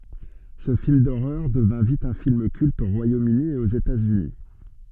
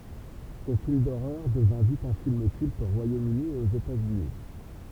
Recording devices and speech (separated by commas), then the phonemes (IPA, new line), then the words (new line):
soft in-ear microphone, temple vibration pickup, read sentence
sə film doʁœʁ dəvɛ̃ vit œ̃ film kylt o ʁwajomøni e oz etatsyni
Ce film d'horreur devint vite un film culte au Royaume-Uni et aux États-Unis.